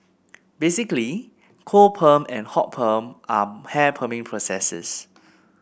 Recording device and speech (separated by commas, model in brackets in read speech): boundary microphone (BM630), read sentence